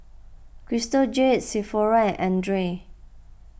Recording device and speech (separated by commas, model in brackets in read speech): boundary microphone (BM630), read sentence